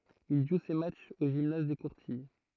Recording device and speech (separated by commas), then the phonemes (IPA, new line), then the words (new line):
throat microphone, read sentence
il ʒu se matʃz o ʒimnaz de kuʁtij
Il joue ses matchs au gymnase des Courtilles.